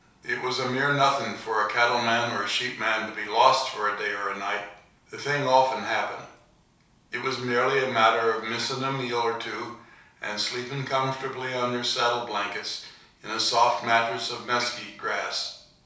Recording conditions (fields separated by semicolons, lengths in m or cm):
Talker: one person; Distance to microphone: 3.0 m; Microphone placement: far; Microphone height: 1.8 m; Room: small (3.7 m by 2.7 m); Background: none